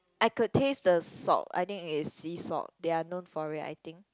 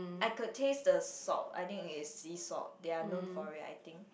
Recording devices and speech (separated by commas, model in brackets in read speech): close-talking microphone, boundary microphone, conversation in the same room